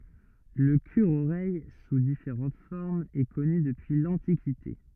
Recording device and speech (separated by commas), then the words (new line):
rigid in-ear microphone, read sentence
Le cure-oreille, sous différentes formes, est connu depuis l'Antiquité.